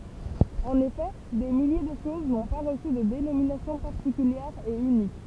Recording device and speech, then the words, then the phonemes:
temple vibration pickup, read sentence
En effet, des milliers de choses n'ont pas reçu de dénomination particulière et unique.
ɑ̃n efɛ de milje də ʃoz nɔ̃ pa ʁəsy də denominasjɔ̃ paʁtikyljɛʁ e ynik

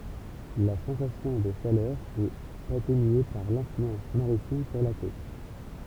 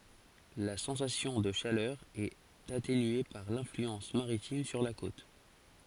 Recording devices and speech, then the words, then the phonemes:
temple vibration pickup, forehead accelerometer, read sentence
La sensation de chaleur est atténuée par l'influence maritime sur la côte.
la sɑ̃sasjɔ̃ də ʃalœʁ ɛt atenye paʁ lɛ̃flyɑ̃s maʁitim syʁ la kot

